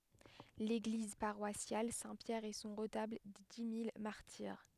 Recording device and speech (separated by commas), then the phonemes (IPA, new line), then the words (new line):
headset microphone, read sentence
leɡliz paʁwasjal sɛ̃ pjɛʁ e sɔ̃ ʁətabl de di mil maʁtiʁ
L'église paroissiale Saint-Pierre, et son retable des dix mille martyrs.